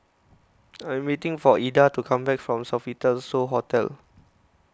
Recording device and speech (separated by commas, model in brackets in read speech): close-talking microphone (WH20), read sentence